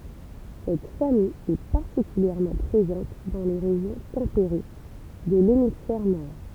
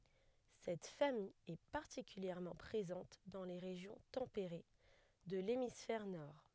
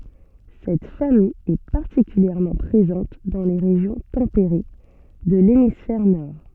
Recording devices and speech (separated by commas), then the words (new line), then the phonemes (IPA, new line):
temple vibration pickup, headset microphone, soft in-ear microphone, read sentence
Cette famille est particulièrement présente dans les régions tempérées de l'hémisphère nord.
sɛt famij ɛ paʁtikyljɛʁmɑ̃ pʁezɑ̃t dɑ̃ le ʁeʒjɔ̃ tɑ̃peʁe də lemisfɛʁ nɔʁ